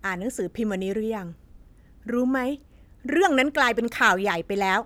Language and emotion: Thai, angry